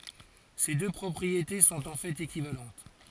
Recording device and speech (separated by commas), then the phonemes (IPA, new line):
forehead accelerometer, read sentence
se dø pʁɔpʁiete sɔ̃t ɑ̃ fɛt ekivalɑ̃t